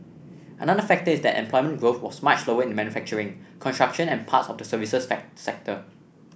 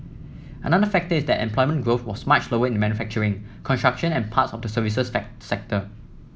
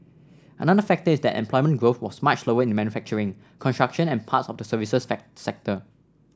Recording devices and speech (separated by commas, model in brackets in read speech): boundary microphone (BM630), mobile phone (iPhone 7), standing microphone (AKG C214), read sentence